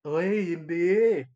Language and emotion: Thai, happy